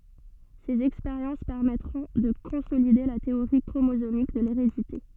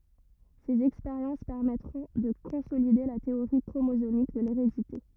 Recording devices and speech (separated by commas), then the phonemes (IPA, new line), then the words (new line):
soft in-ear microphone, rigid in-ear microphone, read sentence
sez ɛkspeʁjɑ̃s pɛʁmɛtʁɔ̃ də kɔ̃solide la teoʁi kʁomozomik də leʁedite
Ses expériences permettront de consolider la théorie chromosomique de l'hérédité.